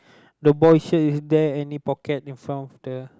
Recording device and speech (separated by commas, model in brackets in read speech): close-talking microphone, conversation in the same room